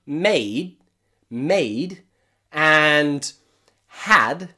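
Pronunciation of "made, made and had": In 'made' and 'had', the d at the end of the word is a little bit softer.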